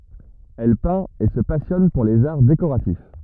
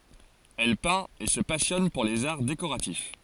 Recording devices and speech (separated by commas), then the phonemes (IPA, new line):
rigid in-ear microphone, forehead accelerometer, read sentence
ɛl pɛ̃t e sə pasjɔn puʁ lez aʁ dekoʁatif